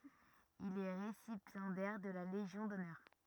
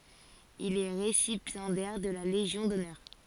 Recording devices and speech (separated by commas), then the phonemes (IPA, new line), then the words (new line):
rigid in-ear microphone, forehead accelerometer, read sentence
il ɛ ʁesipjɑ̃dɛʁ də la leʒjɔ̃ dɔnœʁ
Il est récipiendaire de la Légion d'honneur.